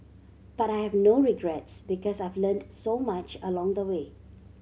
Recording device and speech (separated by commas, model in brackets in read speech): mobile phone (Samsung C7100), read sentence